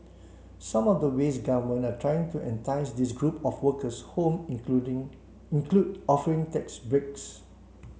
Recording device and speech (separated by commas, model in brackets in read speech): mobile phone (Samsung C7), read sentence